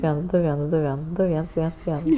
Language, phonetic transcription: Lithuanian, ˈviens ˈdu ˈviens ˈdu ˈviens ˈdu ˈviens ˈviens ˈviens

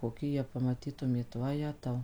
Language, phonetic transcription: Lithuanian, koˈki jie pamaˈtytumėt vaˈjetau

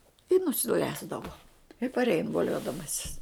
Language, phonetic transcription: Lithuanian, i nusiˈlesdavo i parˈein voˈliodamasis

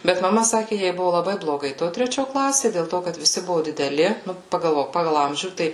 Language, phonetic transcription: Lithuanian, ˈbet maˈma ˈsaki ˈjai ˈbuvu laˈbai bloˈgai ˈto treˈčio ˈklasė dėl ˈto kad viˈsi ˈbuvu dideˈli ˈnu pagalˈvok ˈpagal ˈamžių ˈtai

